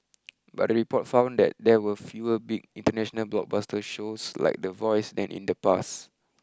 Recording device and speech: close-talking microphone (WH20), read sentence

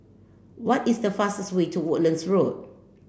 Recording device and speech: boundary microphone (BM630), read sentence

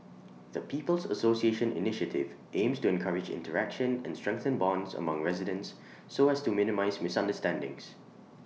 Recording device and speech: mobile phone (iPhone 6), read sentence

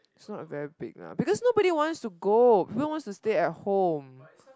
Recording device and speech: close-talking microphone, conversation in the same room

